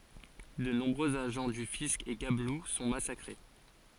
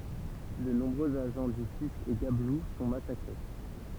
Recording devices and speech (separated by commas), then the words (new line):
forehead accelerometer, temple vibration pickup, read sentence
De nombreux agents du fisc et gabelous sont massacrés.